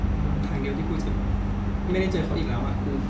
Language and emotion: Thai, sad